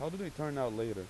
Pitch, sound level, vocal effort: 150 Hz, 89 dB SPL, normal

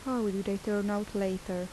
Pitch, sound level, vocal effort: 205 Hz, 78 dB SPL, soft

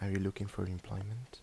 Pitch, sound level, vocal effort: 100 Hz, 75 dB SPL, soft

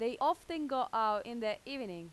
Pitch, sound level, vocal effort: 240 Hz, 92 dB SPL, very loud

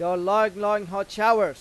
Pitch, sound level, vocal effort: 205 Hz, 100 dB SPL, very loud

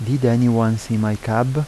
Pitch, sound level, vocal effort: 115 Hz, 81 dB SPL, soft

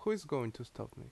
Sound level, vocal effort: 78 dB SPL, normal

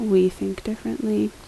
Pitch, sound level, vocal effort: 185 Hz, 74 dB SPL, soft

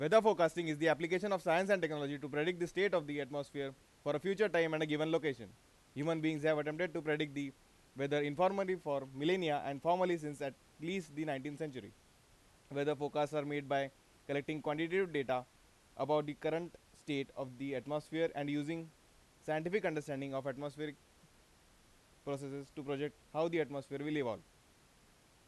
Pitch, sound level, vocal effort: 150 Hz, 95 dB SPL, very loud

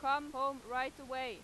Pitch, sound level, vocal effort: 265 Hz, 98 dB SPL, very loud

